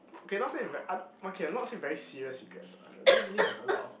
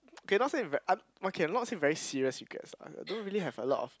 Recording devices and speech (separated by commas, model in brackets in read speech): boundary microphone, close-talking microphone, conversation in the same room